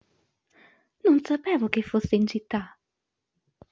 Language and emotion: Italian, surprised